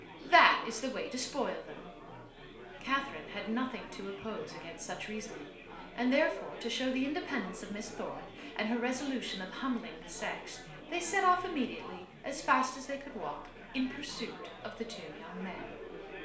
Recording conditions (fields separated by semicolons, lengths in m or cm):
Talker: one person; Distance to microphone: 1.0 m; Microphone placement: close; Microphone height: 1.1 m; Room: small (3.7 m by 2.7 m); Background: babble